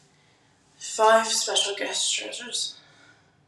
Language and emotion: English, sad